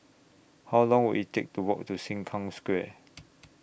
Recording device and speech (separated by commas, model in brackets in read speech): boundary microphone (BM630), read sentence